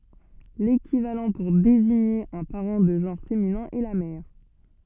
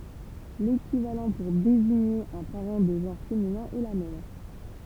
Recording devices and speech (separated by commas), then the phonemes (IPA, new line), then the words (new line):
soft in-ear microphone, temple vibration pickup, read sentence
lekivalɑ̃ puʁ deziɲe œ̃ paʁɑ̃ də ʒɑ̃ʁ feminɛ̃ ɛ la mɛʁ
L'équivalent pour désigner un parent de genre féminin est la mère.